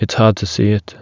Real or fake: real